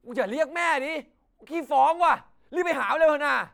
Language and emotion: Thai, angry